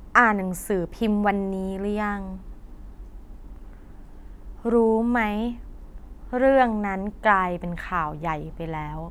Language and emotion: Thai, neutral